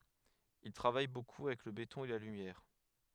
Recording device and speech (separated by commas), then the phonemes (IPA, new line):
headset microphone, read sentence
il tʁavaj boku avɛk lə betɔ̃ e la lymjɛʁ